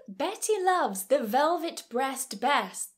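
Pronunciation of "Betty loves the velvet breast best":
This line of the tongue twister comes out wrong: where 'velvet vest' is meant, the speaker says 'velvet breast'.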